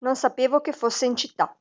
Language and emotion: Italian, neutral